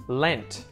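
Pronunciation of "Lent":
In 'Lent', the T at the end is pronounced, not muted.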